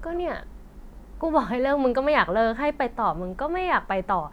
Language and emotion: Thai, frustrated